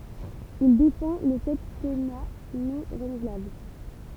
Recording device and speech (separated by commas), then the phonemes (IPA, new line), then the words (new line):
temple vibration pickup, read sentence
il defɑ̃ lə sɛptɛna nɔ̃ ʁənuvlabl
Il défend le septennat non renouvelable.